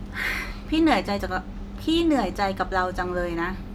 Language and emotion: Thai, frustrated